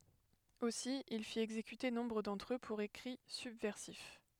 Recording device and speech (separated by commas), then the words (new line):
headset microphone, read sentence
Aussi, il fit exécuter nombre d'entre eux pour écrits subversifs.